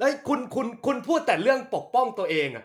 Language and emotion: Thai, angry